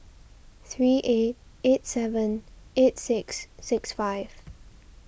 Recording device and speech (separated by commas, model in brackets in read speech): boundary microphone (BM630), read sentence